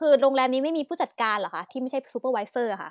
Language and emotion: Thai, angry